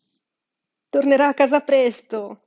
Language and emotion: Italian, sad